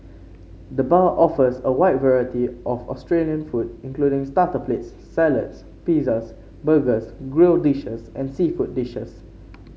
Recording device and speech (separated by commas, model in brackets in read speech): mobile phone (Samsung C5), read sentence